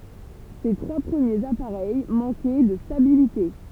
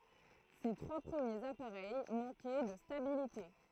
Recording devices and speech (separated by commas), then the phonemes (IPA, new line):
temple vibration pickup, throat microphone, read sentence
se tʁwa pʁəmjez apaʁɛj mɑ̃kɛ də stabilite